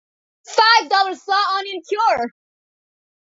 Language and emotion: English, happy